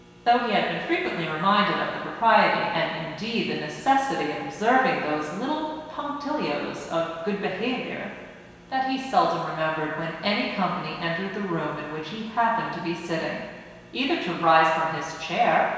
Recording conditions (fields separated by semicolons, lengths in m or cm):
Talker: one person; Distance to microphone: 1.7 m; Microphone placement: close; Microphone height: 1.0 m; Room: very reverberant, large; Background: none